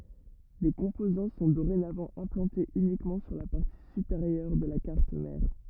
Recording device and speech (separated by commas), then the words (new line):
rigid in-ear microphone, read sentence
Les composants sont dorénavant implantés uniquement sur la partie supérieure de la carte mère.